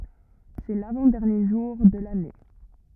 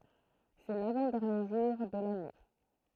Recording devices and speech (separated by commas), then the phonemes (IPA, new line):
rigid in-ear microphone, throat microphone, read sentence
sɛ lavɑ̃ dɛʁnje ʒuʁ də lane